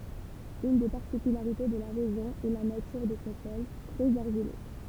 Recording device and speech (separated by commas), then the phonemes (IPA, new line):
temple vibration pickup, read sentence
yn de paʁtikylaʁite də la ʁeʒjɔ̃ ɛ la natyʁ də sɔ̃ sɔl tʁɛz aʁʒilø